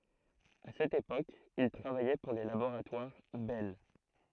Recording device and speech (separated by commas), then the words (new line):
throat microphone, read sentence
A cette époque, il travaillait pour les Laboratoires Bell.